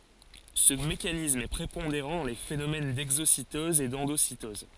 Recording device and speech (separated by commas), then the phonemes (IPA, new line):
forehead accelerometer, read sentence
sə mekanism ɛ pʁepɔ̃deʁɑ̃ dɑ̃ le fenomɛn dɛɡzositɔz e dɑ̃dositɔz